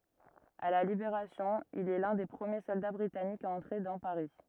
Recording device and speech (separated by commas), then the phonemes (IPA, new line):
rigid in-ear microphone, read sentence
a la libeʁasjɔ̃ il ɛ lœ̃ de pʁəmje sɔlda bʁitanikz a ɑ̃tʁe dɑ̃ paʁi